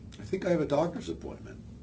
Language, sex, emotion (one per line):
English
male
neutral